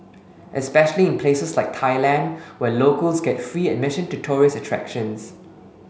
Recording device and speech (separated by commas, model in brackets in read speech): mobile phone (Samsung S8), read sentence